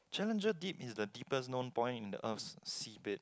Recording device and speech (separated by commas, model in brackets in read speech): close-talking microphone, conversation in the same room